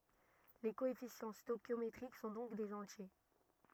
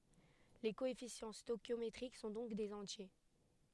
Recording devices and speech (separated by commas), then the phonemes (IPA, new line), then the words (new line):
rigid in-ear microphone, headset microphone, read sentence
le koɛfisjɑ̃ stoɛʃjometʁik sɔ̃ dɔ̃k dez ɑ̃tje
Les coefficients stœchiométriques sont donc des entiers.